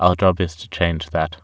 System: none